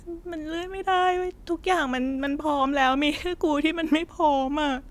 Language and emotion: Thai, sad